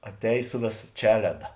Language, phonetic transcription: Lithuanian, atˈēj ˈsu vėˌsa ˈčeleda

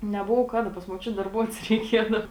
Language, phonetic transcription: Lithuanian, neˈbovo ˈkaˌda pas muoˈčiut darˈbuots reiˈkiedau

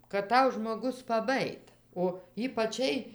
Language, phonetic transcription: Lithuanian, kad ˈtau žmoˈgus paˈbajit o ypaˈčiai

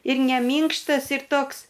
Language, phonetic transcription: Lithuanian, ir ne ˈmynkštas ir ˈtoks

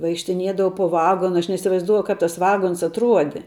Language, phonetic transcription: Lithuanian, vaikštiˈniedavau po ˈvagona aš neisivaizˈduoju ˈkap tas ˈvagons atˈruodi

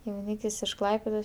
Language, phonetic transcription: Lithuanian, jauˈnykis iš ˈklaipėdos

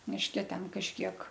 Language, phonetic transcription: Lithuanian, mišˈke ˈten kažˈkiek

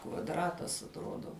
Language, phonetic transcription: Lithuanian, kvadˈratas atˈrodo

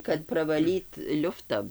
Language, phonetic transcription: Lithuanian, kad pravaˈlyt ˈliufta

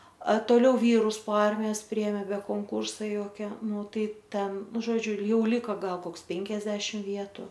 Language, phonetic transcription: Lithuanian, a toˈliau ˈvyrus po ˈarmijos ˈpriėmė be konˈkūrsa ˈjokia ˈnu ˈtai ˈten ˈnu žoˈdžiu ˈjau ˈlika ˈgal ˈkoks ˈpenkiasdešim ˈvietu

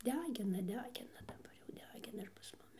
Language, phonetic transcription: Lithuanian, ˈdegina ˈdegina daˈbar jau ˈdegina ir pas ˈmumi

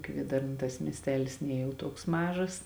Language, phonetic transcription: Lithuanian, ˈkviedarna tas miesˈtelis ˈnie jau ˈtuoks ˈmažas

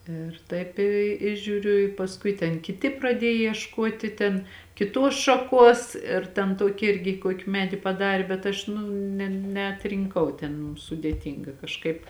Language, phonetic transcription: Lithuanian, ˈir taip ˈi i žiūˈriu i pasˈkui ten kiˈti praˈdiej iešˈkoti ten kiˈtuos šaˈkuos ir ten ˈtoki ˈirgi ˈkoki ˈmedi paˈdarė bet ˈaš ˈnu ne neatrinˈkau ˈten sudėˈtynga kažˈkaip

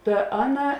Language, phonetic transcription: Lithuanian, ˈta ˈaˌna

